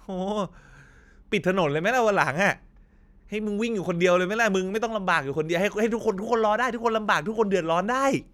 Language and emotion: Thai, frustrated